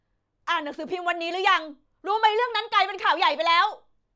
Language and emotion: Thai, angry